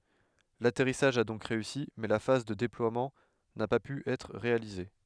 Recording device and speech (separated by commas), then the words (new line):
headset microphone, read sentence
L'atterrissage a donc réussi, mais la phase de déploiement n'a pas pu être réalisée.